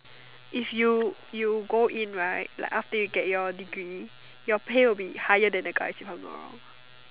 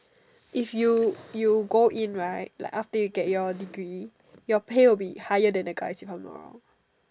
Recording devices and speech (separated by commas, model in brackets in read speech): telephone, standing microphone, conversation in separate rooms